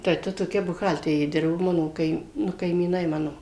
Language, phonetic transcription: Lithuanian, tai ˈta toˈkia buˈhalterė ˈdirbo ˈmano ˈkaim ˈnu kaimyˈnai ˈmano

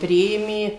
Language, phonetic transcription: Lithuanian, ˈpriėmė

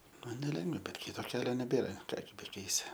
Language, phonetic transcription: Lithuanian, ˈman neˈlengva ˈbet ˈkito ˈkelio neˈbėra ˈką gi beˈkeisi

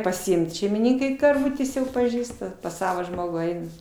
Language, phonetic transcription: Lithuanian, pasiˈimt šeimiˈnykai karˈvutės jau paˈžįsta pas ˈsavo ˈžmogų ˈaina

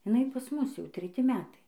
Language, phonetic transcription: Lithuanian, iˈnai pas ˈmus jau treˈti ˈmetai

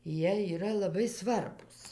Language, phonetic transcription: Lithuanian, ˈjie yˈra laˈbai ˈsvarbūs

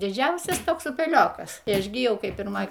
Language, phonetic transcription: Lithuanian, diˈdžiausias ˈtoks upeˈliokas i ˈaš gi ˈjau kai pirˈmoj

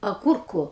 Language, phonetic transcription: Lithuanian, aˈgurku

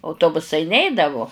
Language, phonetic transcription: Lithuanian, auˈtobusai ˈneidavu

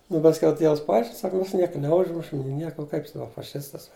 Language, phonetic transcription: Lithuanian, nu pasˈkiau ˈtievs paˈaiškin ˈsaka ˈmes ˈnieka neˈužmušim ni ˈnieko u kaip ˈsako faˈšistas

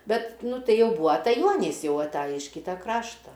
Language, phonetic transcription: Lithuanian, ˈbet ˈnu ˈtai ˈjau ˈbūa ataˈjuonys ˈjau aˈtaji iš ˈkyta ˈkrašta

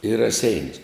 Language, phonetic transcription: Lithuanian, i raˈseinius

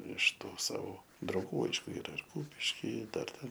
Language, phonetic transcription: Lithuanian, iš ˈtų ˈsavo drauˈgų ˈaišku ˈyra ir ˈkūpiški ˈdar ˈten

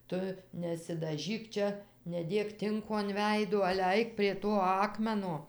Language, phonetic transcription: Lithuanian, ˈtu nesidaˈžyk ˈčia neˈdėk ˈtinko an ˈveiduo ale ˈaik prie ˈto ˈakmeno

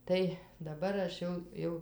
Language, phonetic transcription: Lithuanian, ˈtai daˈbar aš ˈjau ˈjau

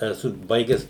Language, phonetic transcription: Lithuanian, eˈsu ˈbaigęs

